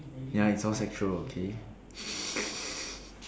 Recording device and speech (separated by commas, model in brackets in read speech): standing microphone, conversation in separate rooms